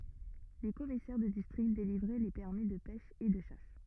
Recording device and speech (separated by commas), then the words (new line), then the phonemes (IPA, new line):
rigid in-ear microphone, read sentence
Les commissaires de District délivraient les permis de pêche et de chasse.
le kɔmisɛʁ də distʁikt delivʁɛ le pɛʁmi də pɛʃ e də ʃas